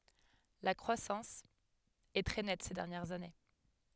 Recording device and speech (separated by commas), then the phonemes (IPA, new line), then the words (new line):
headset microphone, read sentence
la kʁwasɑ̃s ɛ tʁɛ nɛt se dɛʁnjɛʁz ane
La croissance est très nette ces dernières années.